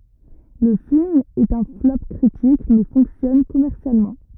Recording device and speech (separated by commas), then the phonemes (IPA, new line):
rigid in-ear microphone, read sentence
lə film ɛt œ̃ flɔp kʁitik mɛ fɔ̃ksjɔn kɔmɛʁsjalmɑ̃